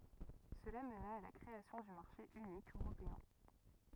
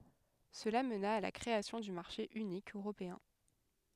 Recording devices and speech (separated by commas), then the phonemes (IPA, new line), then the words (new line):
rigid in-ear microphone, headset microphone, read sentence
səla məna a la kʁeasjɔ̃ dy maʁʃe ynik øʁopeɛ̃
Cela mena à la création du marché unique européen.